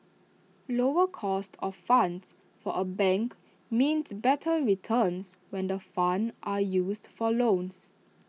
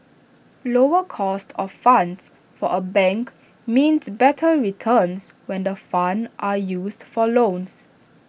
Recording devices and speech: mobile phone (iPhone 6), boundary microphone (BM630), read sentence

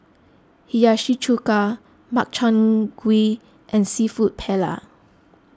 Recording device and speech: close-talking microphone (WH20), read sentence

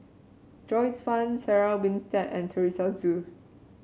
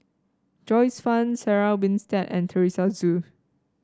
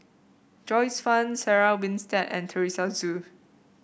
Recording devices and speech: mobile phone (Samsung C7), standing microphone (AKG C214), boundary microphone (BM630), read sentence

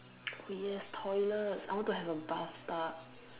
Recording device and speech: telephone, conversation in separate rooms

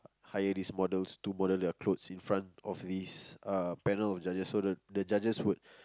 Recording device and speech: close-talking microphone, conversation in the same room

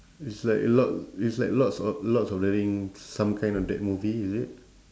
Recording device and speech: standing microphone, conversation in separate rooms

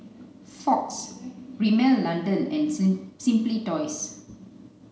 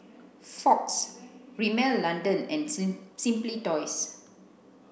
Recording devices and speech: mobile phone (Samsung C9), boundary microphone (BM630), read sentence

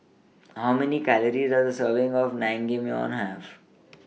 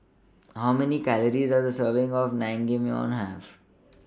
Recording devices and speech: mobile phone (iPhone 6), standing microphone (AKG C214), read sentence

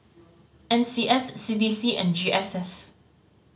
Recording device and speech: mobile phone (Samsung C5010), read sentence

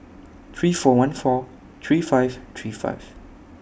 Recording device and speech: boundary microphone (BM630), read sentence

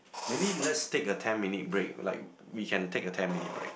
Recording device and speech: boundary microphone, conversation in the same room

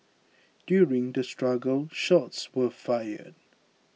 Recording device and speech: mobile phone (iPhone 6), read sentence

